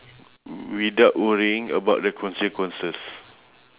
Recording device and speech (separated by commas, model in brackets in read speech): telephone, conversation in separate rooms